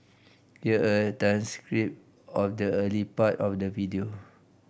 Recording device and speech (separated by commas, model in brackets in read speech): boundary microphone (BM630), read sentence